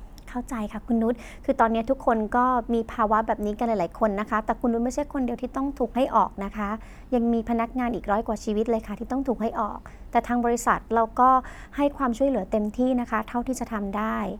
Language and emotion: Thai, neutral